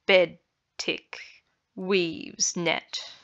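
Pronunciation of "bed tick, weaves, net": The words are said in a spondee rhythm, with each pair of syllables long, long.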